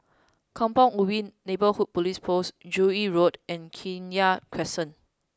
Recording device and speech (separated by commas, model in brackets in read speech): close-talking microphone (WH20), read sentence